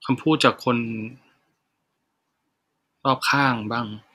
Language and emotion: Thai, sad